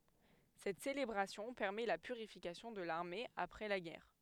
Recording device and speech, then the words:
headset microphone, read sentence
Cette célébration permet la purification de l'armée après la guerre.

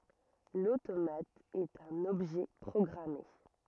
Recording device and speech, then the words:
rigid in-ear microphone, read sentence
L'automate est un objet programmé.

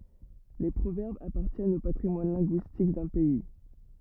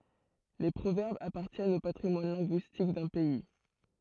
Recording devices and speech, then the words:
rigid in-ear microphone, throat microphone, read sentence
Les proverbes appartiennent au patrimoine linguistique d’un pays.

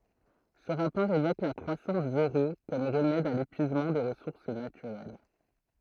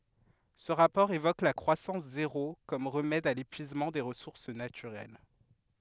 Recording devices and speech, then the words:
throat microphone, headset microphone, read sentence
Ce rapport évoque la croissance zéro comme remède à l'épuisement des ressources naturelles.

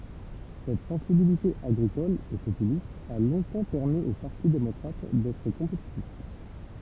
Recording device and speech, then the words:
temple vibration pickup, read sentence
Cette sensibilité agricole et populiste a longtemps permis au Parti démocrate d'être compétitif.

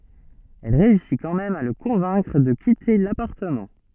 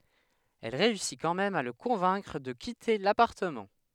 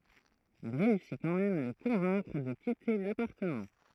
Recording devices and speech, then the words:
soft in-ear microphone, headset microphone, throat microphone, read sentence
Elle réussit quand même à le convaincre de quitter l'appartement.

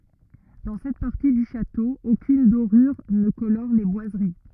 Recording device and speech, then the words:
rigid in-ear microphone, read sentence
Dans cette partie du château, aucune dorure ne colore les boiseries.

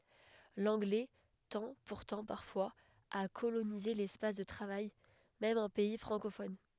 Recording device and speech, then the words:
headset microphone, read sentence
L'anglais tend pourtant parfois à coloniser l'espace de travail, même en pays francophone.

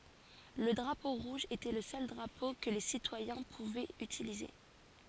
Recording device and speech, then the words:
forehead accelerometer, read sentence
Le drapeau rouge était le seul drapeau que les citoyens pouvaient utiliser.

